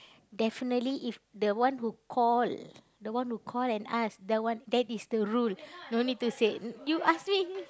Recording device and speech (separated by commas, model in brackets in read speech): close-talking microphone, conversation in the same room